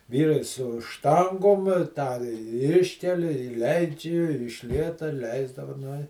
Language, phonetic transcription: Lithuanian, ˈvyrai su ˈštangom tą ˈiškeli i ˈleidži i iš ˈlieta ˈleisdava ˈnu i

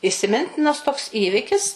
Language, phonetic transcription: Lithuanian, isiˈmintinas toks ˈįvikis

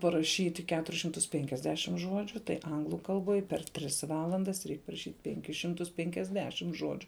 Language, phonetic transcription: Lithuanian, paraˈšyti ˈketuris šimˈtus ˈpenkiasdešim ˈžodžiu tai ˈanglu kalˈboj per ˈtris ˈvalandas ˈreik paraˈšyt' ˈpenkis ˈšimtus ˈpenkiasdešim ˈžodžiu

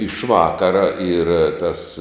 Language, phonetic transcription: Lithuanian, iš ˈvakara yr tas

